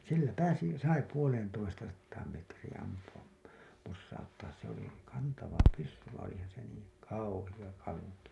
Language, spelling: Finnish, sillä pääsi sai puoleentoistasataan metriin ampua posauttaa se oli kantava pyssy vaan olipahan se niin kauhea kanki
- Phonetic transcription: sillä 'pääsi , 'sai 'puoleentoistasattaam metriiḭ ampu₍ap , possauttaas se ‿oli , 'kantava 'pyssy vaiḭ olihahan se niiŋ "kauhiʲa 'kaŋki .

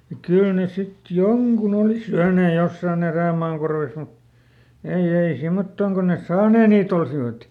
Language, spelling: Finnish, ja kyllä ne sitten jonkun oli syöneet jossakin erämaan korvessa mutta ei ei semmottoon kuin ne saaneet niitä olisivat
- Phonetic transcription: ja ˈkyl ne sit "joŋkun ‿òli ˈsyänee ˈjossàˈn ‿erä̀maan korves mut , ei ˈei ˈsimmottòŋ kon nes "saanee niiˈt ‿olsivat .

